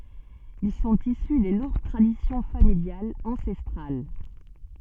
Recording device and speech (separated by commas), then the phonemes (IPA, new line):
soft in-ear microphone, read sentence
il sɔ̃t isy de lɔ̃ɡ tʁadisjɔ̃ familjalz ɑ̃sɛstʁal